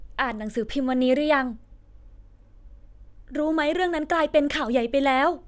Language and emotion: Thai, frustrated